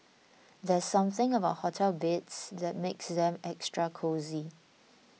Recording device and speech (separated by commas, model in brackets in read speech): mobile phone (iPhone 6), read sentence